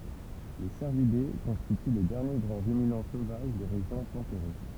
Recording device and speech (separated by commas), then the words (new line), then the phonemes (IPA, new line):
temple vibration pickup, read sentence
Les cervidés constituent les derniers grands ruminants sauvages des régions tempérées.
le sɛʁvide kɔ̃stity le dɛʁnje ɡʁɑ̃ ʁyminɑ̃ sovaʒ de ʁeʒjɔ̃ tɑ̃peʁe